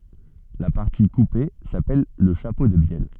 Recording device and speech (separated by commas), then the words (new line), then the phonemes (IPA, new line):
soft in-ear microphone, read sentence
La partie coupée s'appelle le chapeau de bielle.
la paʁti kupe sapɛl lə ʃapo də bjɛl